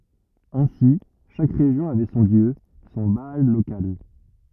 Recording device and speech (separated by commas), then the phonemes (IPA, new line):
rigid in-ear microphone, read sentence
ɛ̃si ʃak ʁeʒjɔ̃ avɛ sɔ̃ djø sɔ̃ baal lokal